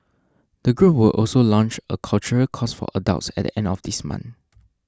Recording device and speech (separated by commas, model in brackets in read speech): standing microphone (AKG C214), read sentence